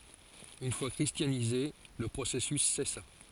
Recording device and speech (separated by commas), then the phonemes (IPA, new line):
forehead accelerometer, read sentence
yn fwa kʁistjanize lə pʁosɛsys sɛsa